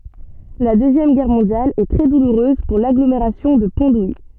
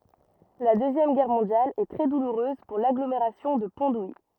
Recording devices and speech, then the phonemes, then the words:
soft in-ear microphone, rigid in-ear microphone, read sentence
la døzjɛm ɡɛʁ mɔ̃djal ɛ tʁɛ duluʁøz puʁ laɡlomeʁasjɔ̃ də pɔ̃ duji
La Deuxième Guerre mondiale est très douloureuse pour l'agglomération de Pont-d'Ouilly.

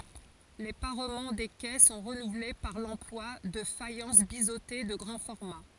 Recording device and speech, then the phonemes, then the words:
forehead accelerometer, read sentence
le paʁmɑ̃ de kɛ sɔ̃ ʁənuvle paʁ lɑ̃plwa də fajɑ̃s bizote də ɡʁɑ̃ fɔʁma
Les parements des quais sont renouvelés par l’emploi de faïences biseautées de grand format.

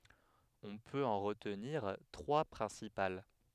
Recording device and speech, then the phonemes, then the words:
headset microphone, read sentence
ɔ̃ pøt ɑ̃ ʁətniʁ tʁwa pʁɛ̃sipal
On peut en retenir trois principales.

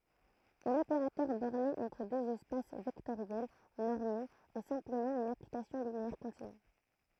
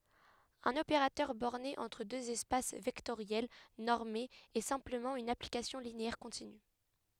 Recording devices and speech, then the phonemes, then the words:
throat microphone, headset microphone, read sentence
œ̃n opeʁatœʁ bɔʁne ɑ̃tʁ døz ɛspas vɛktoʁjɛl nɔʁmez ɛ sɛ̃pləmɑ̃ yn aplikasjɔ̃ lineɛʁ kɔ̃tiny
Un opérateur borné entre deux espaces vectoriels normés est simplement une application linéaire continue.

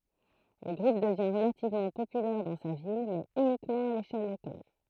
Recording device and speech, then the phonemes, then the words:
throat microphone, read sentence
lə ɡʁup dəvjɛ̃ ʁəlativmɑ̃ popylɛʁ dɑ̃ sa vil mɛz ynikmɑ̃ a leʃɛl lokal
Le groupe devient relativement populaire dans sa ville, mais uniquement à l'échelle locale.

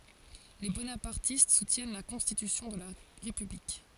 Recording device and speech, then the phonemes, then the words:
forehead accelerometer, read sentence
le bonapaʁtist sutjɛn la kɔ̃stitysjɔ̃ də la ʁepyblik
Les bonapartistes soutiennent la constitution de la République.

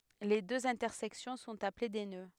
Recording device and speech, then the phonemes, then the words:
headset microphone, read sentence
le døz ɛ̃tɛʁsɛksjɔ̃ sɔ̃t aple de nø
Les deux intersections sont appelées des nœuds.

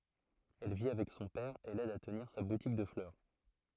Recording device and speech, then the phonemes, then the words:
throat microphone, read sentence
ɛl vi avɛk sɔ̃ pɛʁ e lɛd a təniʁ sa butik də flœʁ
Elle vit avec son père et l'aide à tenir sa boutique de fleurs.

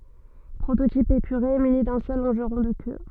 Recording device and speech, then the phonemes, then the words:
soft in-ear microphone, read sentence
pʁototip epyʁe myni dœ̃ sœl lɔ̃ʒʁɔ̃ də kø
Prototype épuré muni d'un seul longeron de queue.

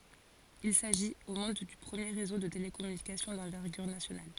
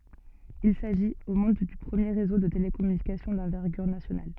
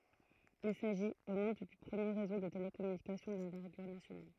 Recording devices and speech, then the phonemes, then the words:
forehead accelerometer, soft in-ear microphone, throat microphone, read sentence
il saʒit o mɔ̃d dy pʁəmje ʁezo də telekɔmynikasjɔ̃ dɑ̃vɛʁɡyʁ nasjonal
Il s'agit, au monde, du premier réseau de télécommunications d'envergure nationale.

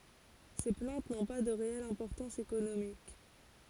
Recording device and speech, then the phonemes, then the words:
forehead accelerometer, read sentence
se plɑ̃t nɔ̃ pa də ʁeɛl ɛ̃pɔʁtɑ̃s ekonomik
Ces plantes n'ont pas de réelle importance économique.

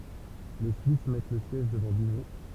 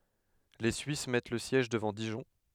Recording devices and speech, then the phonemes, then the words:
temple vibration pickup, headset microphone, read sentence
le syis mɛt lə sjɛʒ dəvɑ̃ diʒɔ̃
Les Suisses mettent le siège devant Dijon.

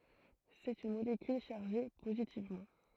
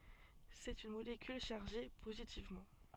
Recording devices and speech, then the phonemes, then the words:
throat microphone, soft in-ear microphone, read sentence
sɛt yn molekyl ʃaʁʒe pozitivmɑ̃
C'est une molécule chargée positivement.

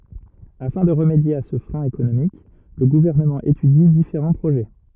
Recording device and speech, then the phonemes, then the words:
rigid in-ear microphone, read sentence
afɛ̃ də ʁəmedje a sə fʁɛ̃ ekonomik lə ɡuvɛʁnəmɑ̃ etydi difeʁɑ̃ pʁoʒɛ
Afin de remédier à ce frein économique, le gouvernement étudie différents projets.

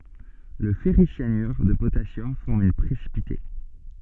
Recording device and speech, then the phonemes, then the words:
soft in-ear microphone, read sentence
lə fɛʁisjanyʁ də potasjɔm fɔʁm œ̃ pʁesipite
Le ferricyanure de potassium forme un précipité.

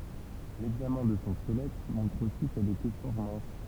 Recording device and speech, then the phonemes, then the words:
temple vibration pickup, read sentence
lɛɡzamɛ̃ də sɔ̃ skəlɛt mɔ̃tʁ osi kɛl etɛ fɔʁ mɛ̃s
L'examen de son squelette montre aussi qu'elle était fort mince.

